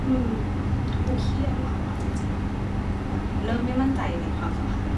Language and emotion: Thai, frustrated